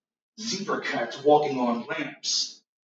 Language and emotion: English, angry